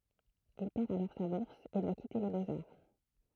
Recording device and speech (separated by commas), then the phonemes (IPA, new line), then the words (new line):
throat microphone, read sentence
il pɛʁ alɔʁ sa buʁs e dwa kite le boksaʁ
Il perd alors sa bourse et doit quitter les Beaux-Arts.